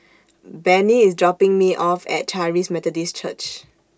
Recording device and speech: standing microphone (AKG C214), read sentence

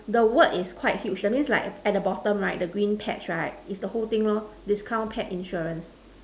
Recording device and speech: standing microphone, conversation in separate rooms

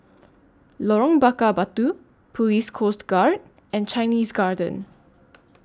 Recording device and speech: standing microphone (AKG C214), read sentence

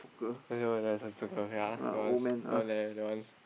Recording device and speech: boundary microphone, conversation in the same room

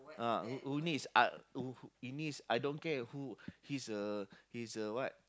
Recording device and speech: close-talking microphone, conversation in the same room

